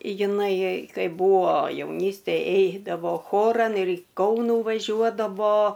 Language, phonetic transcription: Lithuanian, jiˈnai ˈkaip ˈbuo jauˈnystėj ˈeidavo ˈchoran ir į ˈkaunų vaˈžiuodavo

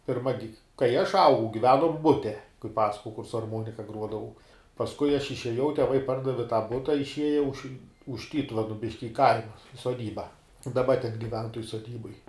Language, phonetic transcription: Lithuanian, pirˈma gi kai aš ˈaugau giˈvenom ˈbute kai ˈpasakojau kur su arˈmuonika ˈgruodavau pasˈkui aš išėˈjau teˈvai ˈpardavi tąˈ buta išˈieja už už ˈtytuvenu ˈbiški i ˈkaima soˈdyba daˈba ten giˈven toj soˈdyboj

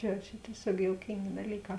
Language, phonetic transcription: Lithuanian, jau ˈčia tieˈsiog jouˈkingė daˈlyˌkā

